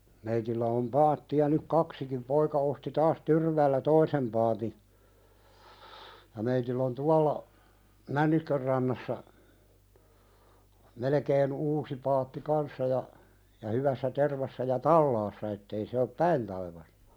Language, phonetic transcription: Finnish, meitillä om 'paatti₍a nyk "kaksikim 'poika osti taas 'Tyrväällä "toisem paati , ja meitill ‿on 'tualla , "Männi(Sk)örrannassa , melekeen 'uusi paatti "kanssa ja , ja hyvässä 'tervassa ja "tallaassa ettei se op "päin taivastᴀ .
- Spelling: meillä on paatteja nyt kaksikin poika osti taas Tyrväällä toisen paatin ja meillä on tuolla Människönrannassa melkein uusi paatti kanssa ja ja hyvässä tervassa ja talaassa että ei se ole päin taivasta

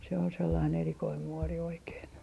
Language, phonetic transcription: Finnish, se on 'sellain 'erikoim muori oikeen .
- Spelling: se on sellainen erikoinen muori oikein

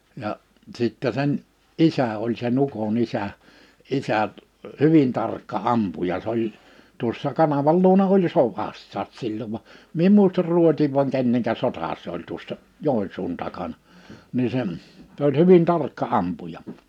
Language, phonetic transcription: Finnish, ja’ , 'sìttɛ sen , "isä oĺ se'n ‿uko'n ‿isä , 'isä , "hyvin tarkka '’ampuja 's ‿oĺ , tuossa 'kanaval 'luona oĺ "sovassaas 'sillov va , 'mie em 'mùistar 'Ruotiiv vaŋ 'kenneŋkä 'sotà se ‿oĺ tuossa , 'Jòinsuun 'takana , 'ni se , (s) ‿oĺ 'hyvin 'tarkka '’ampuja .
- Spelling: ja sitten sen isä oli sen ukon isä isä hyvin tarkka ampuja se oli tuossa kanavan luona oli sodassakin silloin vaan minä en muista Ruotsin vai kenen sota se oli tuossa Joensuun takana niin se se oli hyvin tarkka ampuja

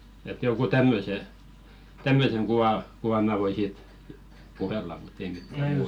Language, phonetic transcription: Finnish, et joŋ̬ɢu "tämmöse , 'tämmöseŋ 'ɢuʷa , kuvam̆ mä̀ voi "siit , 'puhella mutt ‿ei 'mittä "muut .
- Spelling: että jonkun tämmöisen tämmöisen kuvan kuvan minä voin siitä puhella mutta ei mitään muuta

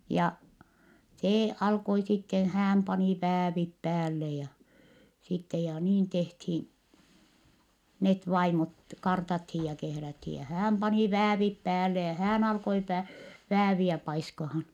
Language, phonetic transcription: Finnish, ja , see alkoi sitten̬ - hääm pani väävip päälle ja , sitte ja niin tehthiin , net vaimot , kartathij ja kehräthi ja hääm pani väävip päälle ja hään ‿alkoi pä- , vääviä paiskahan .
- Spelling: ja se alkoi sitten hän pani väävit päälle ja sitten ja niin tehtiin ne vaimot kartattiin ja kehrättiin ja hän pani väävit päälle ja hän alkoi - vääviä paiskaamaan

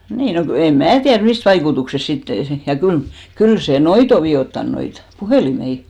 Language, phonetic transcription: Finnish, "nii , 'no ku , em 'mää tiär "mist vaikutuksest sitte , ja 'kyl , 'kyl se "noit ‿o 'vi₍ottan , 'noit , "puhèlimei .
- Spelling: niin no kun en minä tiedä mistä vaikutuksesta sitten ja kyllä kyllä se noita on vioittanut noita puhelimia

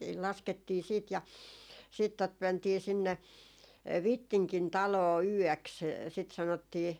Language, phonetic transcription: Finnish, laskettii siit ja , siit tot 'mäntii 'sinne , "Vittiŋkin 'taloo "yɔ̈̀ks , sit sanottii ,.
- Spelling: laskettiin sitten ja sitten tuota mentiin sinne Vittingin taloon yöksi sitä sanottiin

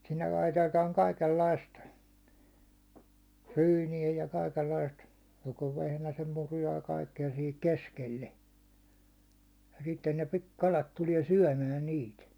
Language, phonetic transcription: Finnish, sinnel laitetaaŋ 'kaikellaist , 'ryyni₍ä ja 'kaikellaist , joko 'vehnäsem muruja ja kaikke₍a sihik "koskelle , ja sitten ne pi- 'kalat tuliɛ "syäₒmä 'niit .
- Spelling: sinne laitetaan kaikenlaista ryyniä ja kaikenlaista joko vehnäsen muruja ja kaikkea siihen koskelle ja sitten ne - kalat tulee syömään niitä

